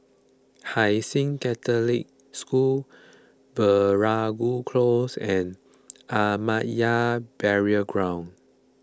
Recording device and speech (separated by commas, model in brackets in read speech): close-talking microphone (WH20), read sentence